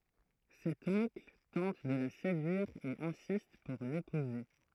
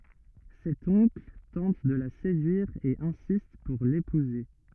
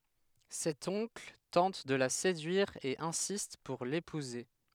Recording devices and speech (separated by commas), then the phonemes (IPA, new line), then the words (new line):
throat microphone, rigid in-ear microphone, headset microphone, read sentence
sɛt ɔ̃kl tɑ̃t də la sedyiʁ e ɛ̃sist puʁ lepuze
Cet oncle tente de la séduire et insiste pour l'épouser.